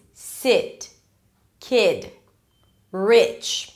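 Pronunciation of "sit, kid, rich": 'sit', 'kid' and 'rich' are pronounced correctly, with the relaxed vowel rather than the tense ee vowel of 'she' and 'we'.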